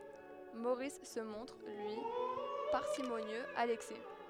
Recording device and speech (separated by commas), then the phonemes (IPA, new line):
headset microphone, read sentence
moʁis sə mɔ̃tʁ lyi paʁsimonjøz a lɛksɛ